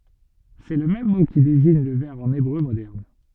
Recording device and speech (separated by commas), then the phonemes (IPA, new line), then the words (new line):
soft in-ear microphone, read sentence
sɛ lə mɛm mo ki deziɲ lə vɛʁ ɑ̃n ebʁø modɛʁn
C'est le même mot qui désigne le verre en hébreu moderne.